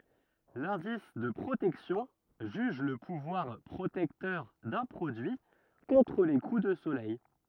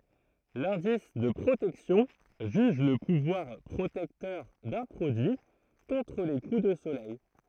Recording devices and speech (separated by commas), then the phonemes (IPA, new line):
rigid in-ear microphone, throat microphone, read sentence
lɛ̃dis də pʁotɛksjɔ̃ ʒyʒ lə puvwaʁ pʁotɛktœʁ dœ̃ pʁodyi kɔ̃tʁ le ku də solɛj